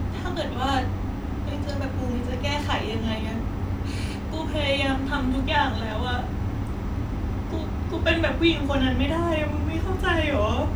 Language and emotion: Thai, sad